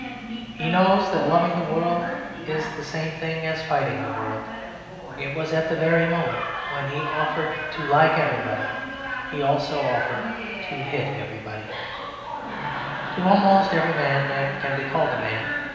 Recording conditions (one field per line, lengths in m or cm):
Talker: one person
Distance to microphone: 1.7 m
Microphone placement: close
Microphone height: 1.0 m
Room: very reverberant, large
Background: television